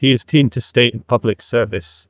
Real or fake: fake